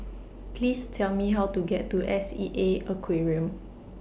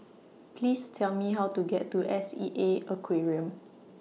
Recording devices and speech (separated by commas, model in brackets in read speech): boundary microphone (BM630), mobile phone (iPhone 6), read sentence